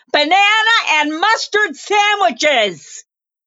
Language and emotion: English, fearful